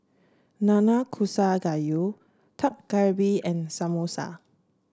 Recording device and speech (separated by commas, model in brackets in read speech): standing microphone (AKG C214), read sentence